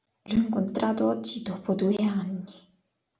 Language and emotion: Italian, sad